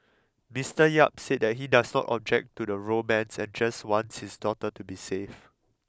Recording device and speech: close-talking microphone (WH20), read sentence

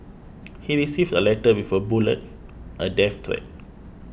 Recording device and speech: boundary microphone (BM630), read sentence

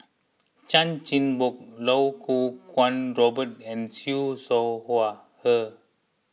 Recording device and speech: mobile phone (iPhone 6), read sentence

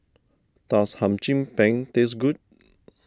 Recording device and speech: standing microphone (AKG C214), read sentence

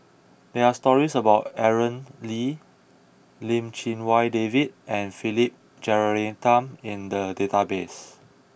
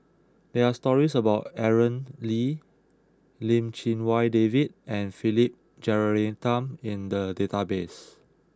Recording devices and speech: boundary microphone (BM630), close-talking microphone (WH20), read sentence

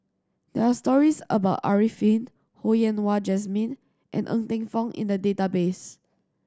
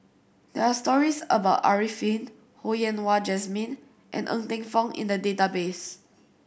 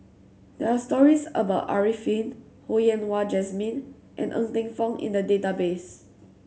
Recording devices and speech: standing microphone (AKG C214), boundary microphone (BM630), mobile phone (Samsung C7100), read sentence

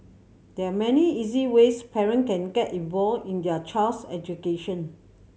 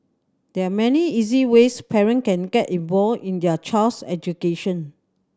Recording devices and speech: mobile phone (Samsung C7100), standing microphone (AKG C214), read sentence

